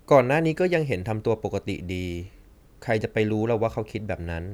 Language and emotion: Thai, neutral